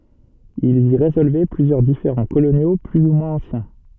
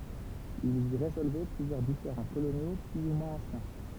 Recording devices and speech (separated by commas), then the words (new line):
soft in-ear microphone, temple vibration pickup, read sentence
Ils y résolvaient plusieurs différends coloniaux plus ou moins anciens.